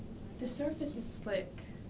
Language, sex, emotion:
English
female
neutral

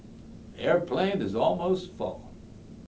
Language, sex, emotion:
English
male
neutral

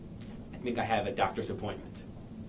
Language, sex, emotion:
English
male
neutral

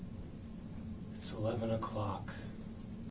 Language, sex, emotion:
English
male
sad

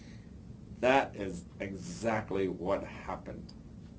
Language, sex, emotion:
English
male
neutral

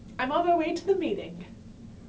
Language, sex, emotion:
English
female
happy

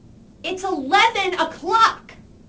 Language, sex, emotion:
English
female
angry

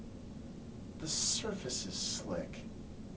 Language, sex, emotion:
English
male
disgusted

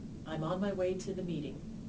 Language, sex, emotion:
English
female
neutral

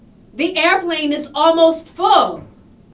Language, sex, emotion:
English
female
angry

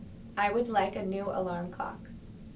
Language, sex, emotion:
English
female
neutral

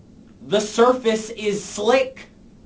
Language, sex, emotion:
English
male
angry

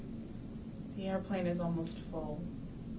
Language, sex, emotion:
English
female
neutral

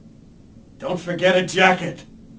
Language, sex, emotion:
English
male
angry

